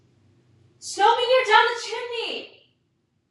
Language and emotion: English, fearful